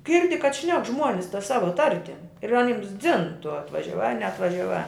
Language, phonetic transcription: Lithuanian, ˈgirdi kad ˈšnek ˈžmuonis ta ˈsava ˈtartim ir aˈnims dzin tu atvažiaˈvā ar neatvažiaˈvā

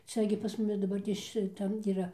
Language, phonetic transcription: Lithuanian, ˈcia gi pas ˈmumi daˈbartės šiˈtam yˈra

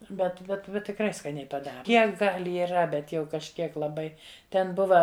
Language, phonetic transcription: Lithuanian, bet bet ˈbet tikˈrai skaˈniai paˈdara ˈkiek gal' iˈra ˈbet jau kažˈkiek laˈbai ˈten ˈbuva

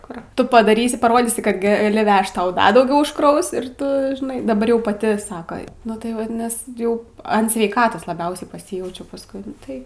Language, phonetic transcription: Lithuanian, kur ˈtu padaˈrysi paˈrodysi kad gaˈli ˈvežt ˈtau ˈda dauˈgiau užkˈraus ir tu ˈžnai daˈbar jau paˈti ˈsako nu tai ˈvat ˈnes ˈjau an sveiˈkatos laˈbiausiai paˈsyjaučiau pasˈkui nu ˈtai

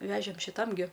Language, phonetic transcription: Lithuanian, ˈvežėm šiˈtam gi

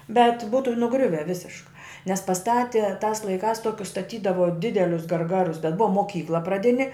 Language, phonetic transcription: Lithuanian, bet ˈbūtu nuˈgriuve ˈvisiška nes paˈstati tās laiˈkās ˈtokius staˈtydavo ˈdidelius garˈgarus bet ˈbua moˈkykla praˈdini

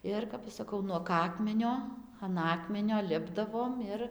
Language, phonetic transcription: Lithuanian, ˈir kap ˈaš saˈkau nuog ˈakmenio an ˈakmenio ˈlipdavom ˈir

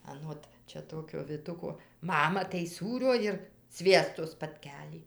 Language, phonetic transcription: Lithuanian, aˈnot ˈčia ˈtokio viˈtuko ˈmama tai ˈsūrio ir ˈsviesto spatˈkelį

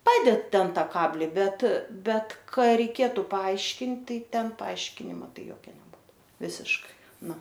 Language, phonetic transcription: Lithuanian, ˈpaded ˈten ˈtą ˈkabli ˈbet ˈbet ˈka reiˈkėtu paˈaiškint ˈtai ˈten paˈaiškinima ˈtai ˈjokia neˈbūtu ˈvisiškai ˈnu

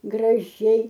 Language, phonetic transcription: Lithuanian, graˈžiai

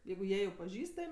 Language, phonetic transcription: Lithuanian, ˈjeigu ˈjie jau paˈžįstam'

